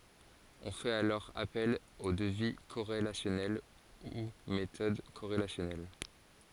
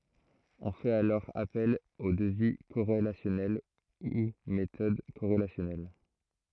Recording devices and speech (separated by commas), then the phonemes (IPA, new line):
forehead accelerometer, throat microphone, read sentence
ɔ̃ fɛt alɔʁ apɛl o dəvi koʁelasjɔnɛl u metɔd koʁelasjɔnɛl